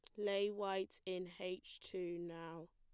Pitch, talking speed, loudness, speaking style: 185 Hz, 140 wpm, -44 LUFS, plain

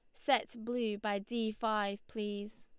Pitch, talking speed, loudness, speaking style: 215 Hz, 150 wpm, -36 LUFS, Lombard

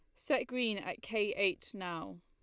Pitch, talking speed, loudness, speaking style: 195 Hz, 175 wpm, -35 LUFS, Lombard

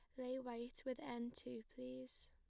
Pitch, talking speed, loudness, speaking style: 240 Hz, 175 wpm, -50 LUFS, plain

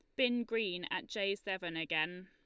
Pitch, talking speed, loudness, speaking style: 200 Hz, 175 wpm, -36 LUFS, Lombard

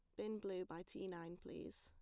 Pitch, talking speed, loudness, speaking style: 175 Hz, 220 wpm, -49 LUFS, plain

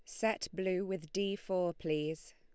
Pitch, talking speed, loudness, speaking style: 185 Hz, 165 wpm, -36 LUFS, Lombard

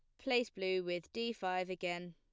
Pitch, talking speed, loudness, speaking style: 185 Hz, 185 wpm, -38 LUFS, plain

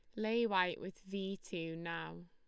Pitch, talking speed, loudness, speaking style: 185 Hz, 175 wpm, -39 LUFS, Lombard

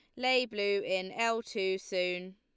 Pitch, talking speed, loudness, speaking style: 200 Hz, 165 wpm, -32 LUFS, Lombard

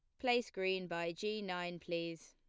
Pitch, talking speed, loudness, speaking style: 180 Hz, 175 wpm, -39 LUFS, plain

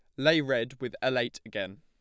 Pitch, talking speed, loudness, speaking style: 130 Hz, 225 wpm, -30 LUFS, plain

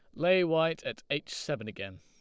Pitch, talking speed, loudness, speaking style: 150 Hz, 200 wpm, -31 LUFS, Lombard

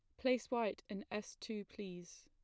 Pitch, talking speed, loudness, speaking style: 210 Hz, 175 wpm, -42 LUFS, plain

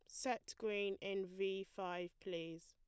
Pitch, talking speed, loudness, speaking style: 195 Hz, 145 wpm, -44 LUFS, plain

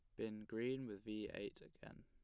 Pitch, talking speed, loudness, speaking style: 110 Hz, 195 wpm, -47 LUFS, plain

